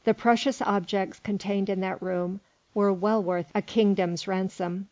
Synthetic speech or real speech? real